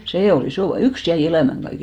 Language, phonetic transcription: Finnish, 'see ol "isò va- , "yks jäi 'elä̀mäŋ ɢaike .
- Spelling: se oli iso - yksi jäi elämään kaiken

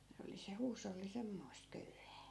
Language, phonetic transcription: Finnish, 'se oli se 'huusolli 'semmoi̮st 'köyhää .
- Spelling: se oli se huusholli semmoista köyhää

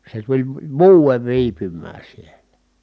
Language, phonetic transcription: Finnish, se tuĺ v- vᵘ- , vuuvev viipym̆mää sielä .
- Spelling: se tuli - - vuoden viipymään siellä

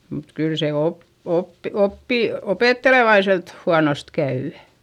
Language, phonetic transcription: Finnish, mut kyl se op- , op- oppì- , opèttelevaiselt huanost käy .
- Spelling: mutta kyllä se - - - opettelevaiselta huonosti käy

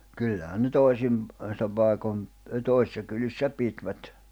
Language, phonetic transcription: Finnish, 'kyllähän ne "tòisim , -sa 'pàekom 'tòisⁱssa kylissä 'pitvät .
- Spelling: kyllähän ne toisin - paikoin toisissa kylissä pitivät

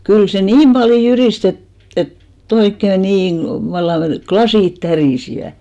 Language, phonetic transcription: Finnish, 'kyl se "niim ʙaljo 'jyris't ‿et , 'et , 'et't ‿oikke "niiŋ ɢlᵃ- , vallaŋ "ɢlasìt "tärìsiᵛä .
- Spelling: kyllä se niin paljon jyristi että että että oikein niin - vallan lasit tärisivät

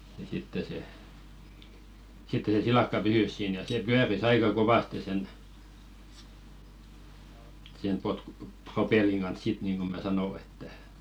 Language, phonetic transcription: Finnish, ja sitte se , 'sitte se "silàkka 'pysys siin ja se "pyäris 'aika 'kovaste sen , sen 'potkᴜ- , "propelliŋ ɢans 'sit niiŋɢo mä "sano että .
- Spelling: ja sitten se sitten se silakka pysyi siinä ja se pyöri aika kovasti sen sen - propellin kanssa sitten niin kuin minä sanoin että

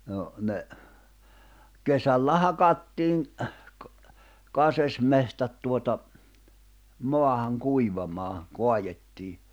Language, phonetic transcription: Finnish, no , ne , 'kesällä 'hakattiiŋ , 'kasesmehtät tuota , 'moahaŋ 'kuivamaa , 'koajettii .
- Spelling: no ne kesällä hakattiin kaskesmetsät tuota maahan kuivamaan kaadettiin

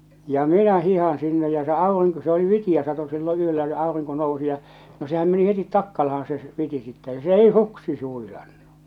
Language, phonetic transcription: Finnish, ja 'minä 'hihan 'sinne ja se 'aevan niŋ ku se oli 'vitiʲä sato sillo 'yöllä ja 'àoriŋko nousi ja , no sehäm meni 'hetit 'takkalahan se , 'viti sittɛ ja se 'ei "suksi s- huilannu !
- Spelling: ja minä hiihdän sinne ja se aivan niin kuin se oli vitiä satoi silloin yöllä ja aurinko nousi ja no sehän meni heti takkalaan se viti sitten ja se ei suksi - huilannut

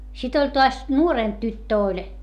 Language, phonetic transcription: Finnish, sit ‿oĺ toas , nuorèmp tyttö oĺ .
- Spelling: sitten oli taas nuorempi tyttö oli

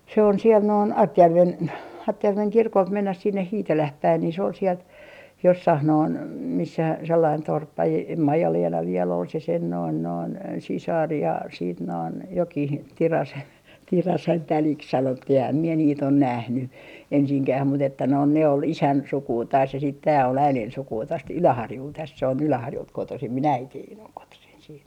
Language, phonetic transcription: Finnish, se on siel noin "Artjärven , "Artjärveŋ "kirkolt 'mennäh 'sinneh "Hiiteläh 'päin ni se ol 'sielt , 'jossah noin , 'missä sellain 'torppa e- , em viel ‿on se sen noin noin , 'sisar ja siit noin , 'jokih 'Tirase- , "Tirasen 'täliks sanottih ehäm mie niit ‿on 'nähny , 'ensiŋkäh mut ‿että noin ne ol "isän 'sukuu taas se sit tää ol 'äilen 'sukuu tost "Yläharjult täs se on 'Yläharjult 'kotosim min "äitiin ‿oŋ kotosin siit .
- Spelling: se on siellä noin Artjärven Artjärven kirkolta mennään sinne Hiitelään päin niin se oli sieltä jossakin noin missä sellainen torppa - en vielä on se sen noin noin sisar ja sitten noin jokin - Tirasen tädiksi sanottiin enhän minä niitä ole nähnyt ensinkään mutta että noin ne oli isän sukua taas se sitten tämä oli äidin sukua tuosta Yläharjulta tässä se on Yläharjulta kotoisin minun äitini on kotoisin sitten

